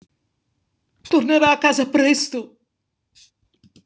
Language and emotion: Italian, fearful